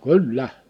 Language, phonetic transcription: Finnish, kyl"lä !
- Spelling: kyllä

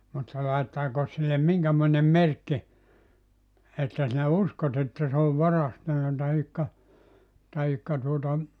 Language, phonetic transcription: Finnish, mutta 'laittaako sillem 'miŋkämoinem̆ "merkki , että sinä "uskot ‿että se ov "varastanna tahikka , tahikka tuota ,.
- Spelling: mutta laittaako sille minkämoinen merkki että sinä uskot että se on varastanut tai tai tuota

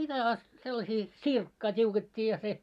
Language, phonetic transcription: Finnish, mitä a , sellasii , 'ᵗsirkkaa 't́iuket́t́ii ja se , .
- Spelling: mitä ja sellaisia sirkkaa tiukettiin ja se

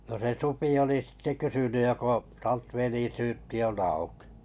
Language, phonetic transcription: Finnish, no se 'supi oli sitte 'kysyny » joko '(s- -) velisyyppi on aukɪ ? «
- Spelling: no se supi oli sitten kysynyt joko - velisyyppi on auki

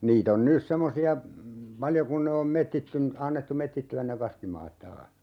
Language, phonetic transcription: Finnish, 'niit ‿on 'nys semmosi₍a , "paljo kun ne om 'mettittyn- , 'annettu "mettitty₍än ne 'kaskimaat "taah .
- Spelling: niitä on nyt semmoisia paljon kun ne on - annettu metsittyä ne kaskimaat taas

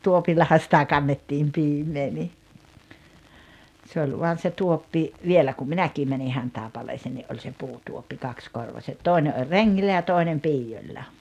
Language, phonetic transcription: Finnish, 'tuopillaha sitä 'kannettiim 'piim̀ee ni , se oĺ vuan se 'tuoppi , "vielä kum "minäkii mäni 'Hantàepaleeseen ni’ ’oĺ se 'puutuoppi 'kakskorvaset "tòi̬ne ’oĺ "reŋŋillä ja 'toinem 'piijoĺĺa .
- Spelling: tuopillahan sitä kannettiin piimää niin se oli vain se tuoppi vielä kun minäkin menin Hantaipaleeseen niin oli se puutuoppi kaksikorvaiset toinen oli rengillä ja toinen piioilla

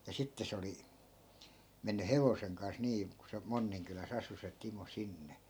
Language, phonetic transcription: Finnish, ja 'sitte se oli , 'menny "hevoseŋ kans nii ku se 'monniŋkylä's ‿asu se 'timo 'sinne .
- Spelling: ja sitten se oli mennyt hevosen kanssa niin kun se Monninkylässä asui se Timo sinne

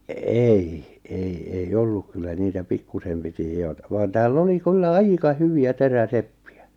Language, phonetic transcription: Finnish, 'èi , ei ei 'olluk kyllä niitä 'pikkusem piti 'hiotᴀ vaan tääl'l ‿oli kyllä "aika "hyvi₍ä "terä"seppɪ₍ᴀ̈ .
- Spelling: ei ei ei ollut kyllä niitä pikkuisen piti hioa vaan täällä oli kyllä aika hyviä teräseppiä

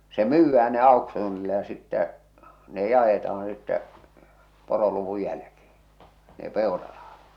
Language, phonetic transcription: Finnish, se "myyvvää ne 'àoksuunilla ja sittä , ne 'jaeta₍aa̰ sittɛ , 'poroluvu jälkḙḙ , ne 'pèoraʀᴀhᴀt .
- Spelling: se myydään ne auksuunilla ja sitten ne jaetaan sitten poroluvun jälkeen ne peurarahat

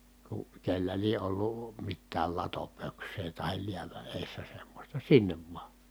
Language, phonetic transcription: Finnish, ku , kellä lie ʼollù , mittääl latopöks̀ee tahil liävä ʼèi̮ssä semmośta sinnev vᵘa .
- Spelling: kun kenellä lie ollut mitään latopöksää tai läävän edessä semmoista sinne vain

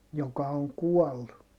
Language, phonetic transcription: Finnish, joka oŋ kuɔllu .
- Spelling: joka on kuollut

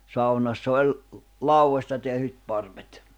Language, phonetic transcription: Finnish, 'saunassa oĺ , 'lau₍ośta tehyt 'parvet .
- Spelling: saunassa oli laudoista tehdyt parvet

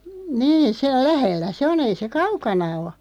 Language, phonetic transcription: Finnish, 'nii , ('sel) 'lähellä "se o'n ‿ei se "kaukana o .
- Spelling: niin sen lähellä se on ei se kaukana ole

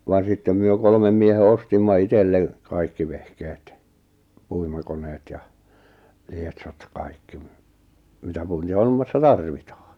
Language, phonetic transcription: Finnish, van 'sittem myö 'kolmem miehe 'ostimma 'itelle , 'kaikki vehkeet , 'puimakoneet ja , 'lietsot ʿjaʾ 'kaikki ‿m- , mitä 'puintihommassa "tarvitᴀᴀ .
- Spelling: vaan sitten me kolmen miehen ostimme itselle kaikki vehkeet puimakoneet ja lietsot ja kaikki - mitä puintihommassa tarvitaan

